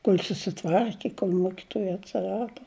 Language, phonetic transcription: Lithuanian, kol' susiˈtvarki kol' ˈmokituoja atsiˈrado

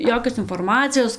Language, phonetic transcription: Lithuanian, ˈjokios inforˈmacijos

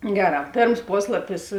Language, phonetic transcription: Lithuanian, ˈgeˌrā ˈpėrms ˈposlapis

